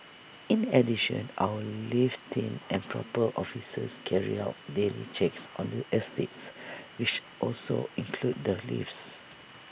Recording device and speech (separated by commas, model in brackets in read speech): boundary microphone (BM630), read sentence